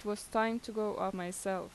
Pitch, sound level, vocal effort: 210 Hz, 84 dB SPL, normal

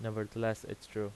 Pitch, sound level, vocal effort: 110 Hz, 84 dB SPL, normal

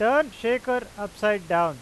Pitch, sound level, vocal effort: 210 Hz, 98 dB SPL, loud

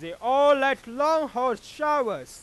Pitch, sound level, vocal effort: 270 Hz, 107 dB SPL, very loud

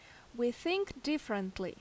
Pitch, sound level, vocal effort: 240 Hz, 82 dB SPL, loud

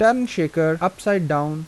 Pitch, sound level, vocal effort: 165 Hz, 86 dB SPL, normal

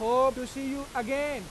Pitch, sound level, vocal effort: 265 Hz, 99 dB SPL, loud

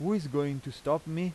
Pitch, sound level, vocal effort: 150 Hz, 88 dB SPL, loud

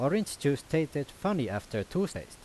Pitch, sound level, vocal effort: 145 Hz, 87 dB SPL, loud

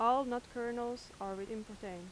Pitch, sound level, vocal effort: 230 Hz, 87 dB SPL, loud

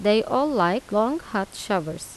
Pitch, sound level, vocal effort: 205 Hz, 85 dB SPL, normal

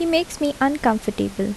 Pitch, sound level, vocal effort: 270 Hz, 74 dB SPL, soft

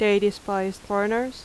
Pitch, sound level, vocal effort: 205 Hz, 85 dB SPL, loud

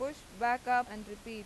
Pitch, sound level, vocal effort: 240 Hz, 94 dB SPL, normal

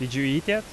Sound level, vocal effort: 88 dB SPL, normal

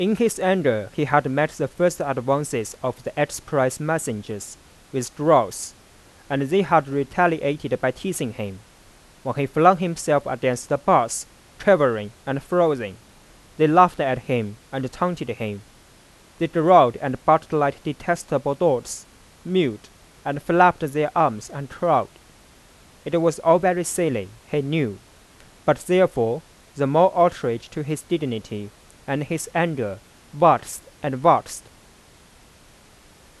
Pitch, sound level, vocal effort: 145 Hz, 91 dB SPL, normal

